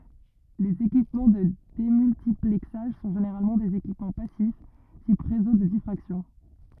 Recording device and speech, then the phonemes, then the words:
rigid in-ear microphone, read sentence
lez ekipmɑ̃ də demyltiplɛksaʒ sɔ̃ ʒeneʁalmɑ̃ dez ekipmɑ̃ pasif tip ʁezo də difʁaksjɔ̃
Les équipements de démultiplexage sont généralement des équipements passifs, type réseaux de diffraction.

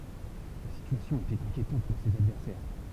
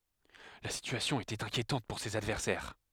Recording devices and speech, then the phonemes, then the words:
temple vibration pickup, headset microphone, read sentence
la sityasjɔ̃ etɛt ɛ̃kjetɑ̃t puʁ sez advɛʁsɛʁ
La situation était inquiétante pour ses adversaires.

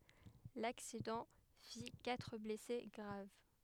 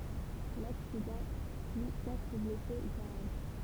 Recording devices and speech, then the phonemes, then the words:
headset microphone, temple vibration pickup, read sentence
laksidɑ̃ fi katʁ blɛse ɡʁav
L'accident fit quatre blessés graves.

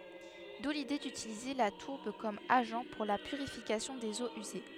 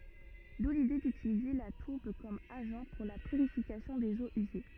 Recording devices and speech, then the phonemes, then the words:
headset microphone, rigid in-ear microphone, read sentence
du lide dytilize la tuʁb kɔm aʒɑ̃ puʁ la pyʁifikasjɔ̃ dez oz yze
D'où l'idée d'utiliser la tourbe comme agent pour la purification des eaux usées.

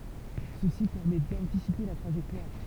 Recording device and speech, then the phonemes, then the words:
temple vibration pickup, read sentence
səsi pɛʁmɛ dɑ̃tisipe la tʁaʒɛktwaʁ
Ceci permet d'anticiper la trajectoire.

